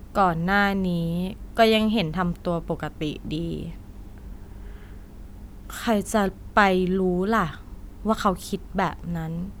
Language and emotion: Thai, frustrated